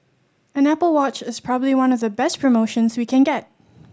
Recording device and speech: standing microphone (AKG C214), read sentence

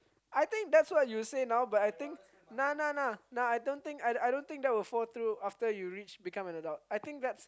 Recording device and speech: close-talking microphone, conversation in the same room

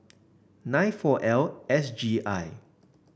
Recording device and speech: boundary microphone (BM630), read sentence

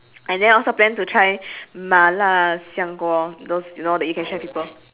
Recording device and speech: telephone, conversation in separate rooms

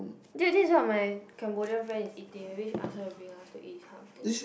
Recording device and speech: boundary microphone, conversation in the same room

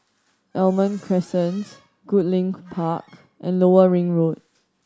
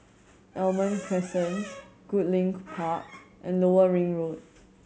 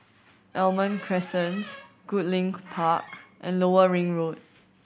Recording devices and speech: standing microphone (AKG C214), mobile phone (Samsung C7100), boundary microphone (BM630), read sentence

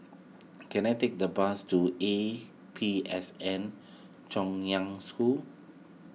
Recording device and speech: mobile phone (iPhone 6), read sentence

